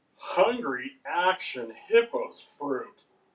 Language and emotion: English, disgusted